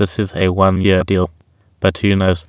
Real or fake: fake